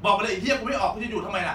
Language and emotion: Thai, angry